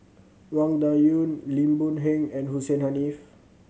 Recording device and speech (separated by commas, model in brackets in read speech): mobile phone (Samsung C7100), read sentence